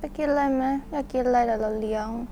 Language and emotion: Thai, neutral